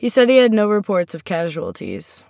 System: none